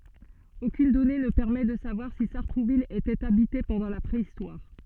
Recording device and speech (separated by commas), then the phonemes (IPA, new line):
soft in-ear microphone, read sentence
okyn dɔne nə pɛʁmɛ də savwaʁ si saʁtʁuvil etɛt abite pɑ̃dɑ̃ la pʁeistwaʁ